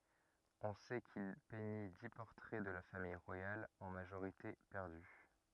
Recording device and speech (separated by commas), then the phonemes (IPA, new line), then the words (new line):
rigid in-ear microphone, read sentence
ɔ̃ sɛ kil pɛɲi di pɔʁtʁɛ də la famij ʁwajal ɑ̃ maʒoʁite pɛʁdy
On sait qu'il peignit dix portraits de la famille royale, en majorité perdus.